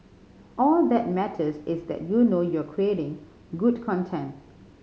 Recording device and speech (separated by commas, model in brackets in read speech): mobile phone (Samsung C5010), read sentence